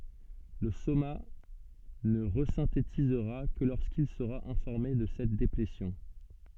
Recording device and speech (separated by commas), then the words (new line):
soft in-ear microphone, read sentence
Le soma ne resynthétisera que lorsqu'il sera informé de cette déplétion.